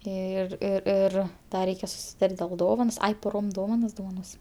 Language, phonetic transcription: Lithuanian, ˈir ir ˈir ˈda ˈreikia susiˈtart' dėl ˈdovanos ˈai poˈrom ˈdovanas dovaˈnosim

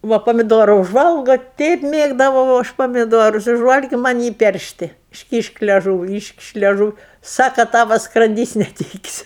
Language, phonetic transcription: Lithuanian, ˈva pamiˈdora užˈvalgo ˈteip ˈmėgdavau ˈaš pamiˈdorus užˈvalgiu ˈman' ˈjį ˈperšti išˈkyšk leˈžūvi ˈyškiš' leˈžūv ˈsaka ˈtava skranˈdys' neˈtykis'

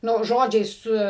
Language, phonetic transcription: Lithuanian, ˈnu ˈžodžiai ˈsu

